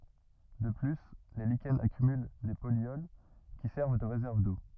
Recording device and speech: rigid in-ear microphone, read sentence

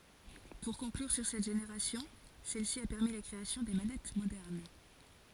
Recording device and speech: forehead accelerometer, read sentence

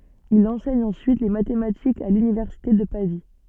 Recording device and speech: soft in-ear microphone, read sentence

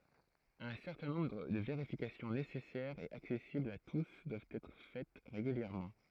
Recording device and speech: throat microphone, read sentence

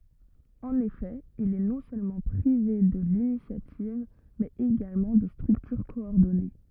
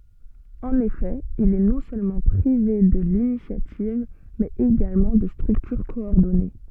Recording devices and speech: rigid in-ear microphone, soft in-ear microphone, read sentence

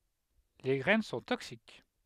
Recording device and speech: headset microphone, read sentence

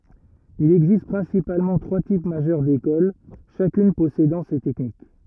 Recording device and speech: rigid in-ear microphone, read sentence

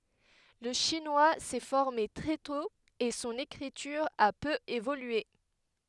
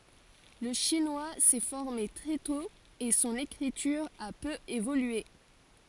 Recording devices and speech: headset microphone, forehead accelerometer, read sentence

